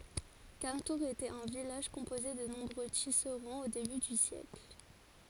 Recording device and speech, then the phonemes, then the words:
forehead accelerometer, read sentence
kamtuʁz etɛt œ̃ vilaʒ kɔ̃poze də nɔ̃bʁø tisʁɑ̃z o deby dy sjɛkl
Cametours était un village composé de nombreux tisserands au début du siècle.

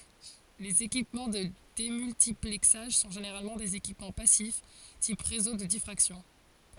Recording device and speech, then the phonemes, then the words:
forehead accelerometer, read sentence
lez ekipmɑ̃ də demyltiplɛksaʒ sɔ̃ ʒeneʁalmɑ̃ dez ekipmɑ̃ pasif tip ʁezo də difʁaksjɔ̃
Les équipements de démultiplexage sont généralement des équipements passifs, type réseaux de diffraction.

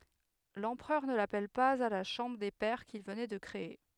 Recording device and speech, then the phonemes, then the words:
headset microphone, read sentence
lɑ̃pʁœʁ nə lapɛl paz a la ʃɑ̃bʁ de pɛʁ kil vənɛ də kʁee
L'Empereur ne l'appelle pas à la Chambre des pairs qu'il venait de créer.

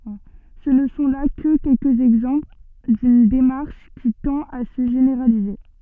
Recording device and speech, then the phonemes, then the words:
soft in-ear microphone, read sentence
sə nə sɔ̃ la kə kɛlkəz ɛɡzɑ̃pl dyn demaʁʃ ki tɑ̃t a sə ʒeneʁalize
Ce ne sont là que quelques exemples d'une démarche qui tend à se généraliser.

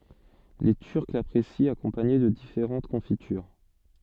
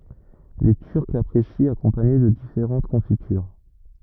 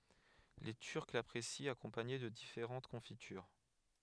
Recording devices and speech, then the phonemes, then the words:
soft in-ear microphone, rigid in-ear microphone, headset microphone, read sentence
le tyʁk lapʁesit akɔ̃paɲe də difeʁɑ̃t kɔ̃fityʁ
Les Turcs l'apprécient accompagné de différentes confitures.

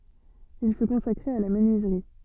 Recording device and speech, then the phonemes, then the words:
soft in-ear microphone, read sentence
il sə kɔ̃sakʁɛt a la mənyizʁi
Il se consacrait à la menuiserie.

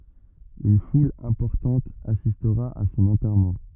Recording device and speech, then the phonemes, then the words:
rigid in-ear microphone, read sentence
yn ful ɛ̃pɔʁtɑ̃t asistʁa a sɔ̃n ɑ̃tɛʁmɑ̃
Une foule importante assistera à son enterrement.

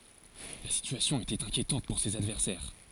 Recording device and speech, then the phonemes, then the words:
forehead accelerometer, read sentence
la sityasjɔ̃ etɛt ɛ̃kjetɑ̃t puʁ sez advɛʁsɛʁ
La situation était inquiétante pour ses adversaires.

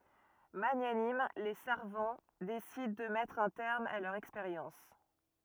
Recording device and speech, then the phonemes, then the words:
rigid in-ear microphone, read sentence
maɲanim le saʁvɑ̃ desidɑ̃ də mɛtʁ œ̃ tɛʁm a lœʁz ɛkspeʁjɑ̃s
Magnanimes, les Sarvants décident de mettre un terme à leurs expériences.

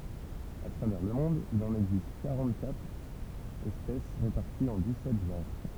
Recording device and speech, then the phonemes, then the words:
temple vibration pickup, read sentence
a tʁavɛʁ lə mɔ̃d il ɑ̃n ɛɡzist kaʁɑ̃təkatʁ ɛspɛs ʁepaʁtiz ɑ̃ dikssɛt ʒɑ̃ʁ
À travers le monde, il en existe quarante-quatre espèces réparties en dix-sept genres.

